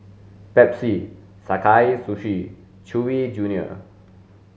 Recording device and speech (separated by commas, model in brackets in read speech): mobile phone (Samsung S8), read sentence